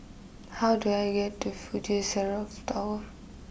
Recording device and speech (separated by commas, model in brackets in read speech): boundary microphone (BM630), read sentence